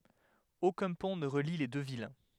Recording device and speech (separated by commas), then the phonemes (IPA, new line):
headset microphone, read sentence
okœ̃ pɔ̃ nə ʁəli le dø vil